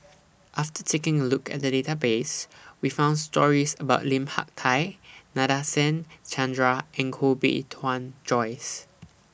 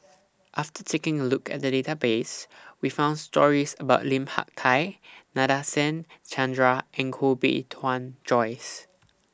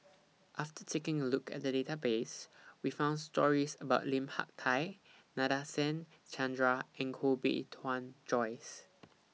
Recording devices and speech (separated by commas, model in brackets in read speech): boundary microphone (BM630), standing microphone (AKG C214), mobile phone (iPhone 6), read sentence